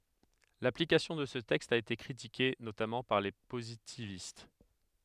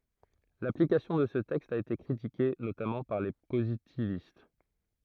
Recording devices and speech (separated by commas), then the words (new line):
headset microphone, throat microphone, read sentence
L'application de ce texte a été critiquée, notamment par les positivistes.